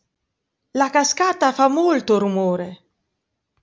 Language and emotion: Italian, neutral